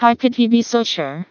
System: TTS, vocoder